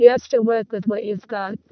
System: VC, vocoder